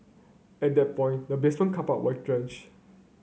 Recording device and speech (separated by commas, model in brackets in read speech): mobile phone (Samsung C9), read sentence